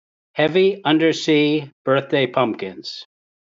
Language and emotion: English, neutral